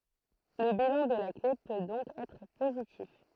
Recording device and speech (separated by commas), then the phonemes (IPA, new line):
throat microphone, read sentence
lə bilɑ̃ də la kle pø dɔ̃k ɛtʁ pozitif